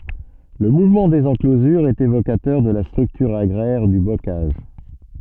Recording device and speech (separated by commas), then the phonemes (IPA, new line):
soft in-ear microphone, read sentence
lə muvmɑ̃ dez ɑ̃klozyʁz ɛt evokatœʁ də la stʁyktyʁ aɡʁɛʁ dy bokaʒ